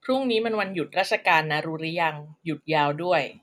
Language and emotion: Thai, neutral